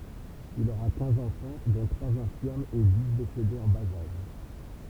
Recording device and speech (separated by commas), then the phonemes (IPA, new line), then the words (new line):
temple vibration pickup, read sentence
il oʁa kɛ̃z ɑ̃fɑ̃ dɔ̃ tʁwaz ɛ̃fiʁmz e di desedez ɑ̃ baz aʒ
Il aura quinze enfants, dont trois infirmes et dix décédés en bas âge.